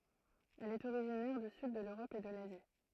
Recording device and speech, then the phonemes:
throat microphone, read sentence
ɛl ɛt oʁiʒinɛʁ dy syd də løʁɔp e də lazi

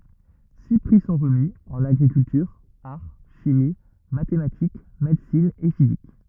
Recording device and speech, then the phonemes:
rigid in-ear microphone, read sentence
si pʁi sɔ̃ ʁəmi ɑ̃n aɡʁikyltyʁ aʁ ʃimi matematik medəsin e fizik

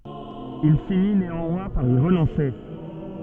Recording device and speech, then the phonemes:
soft in-ear microphone, read sentence
il fini neɑ̃mwɛ̃ paʁ i ʁənɔ̃se

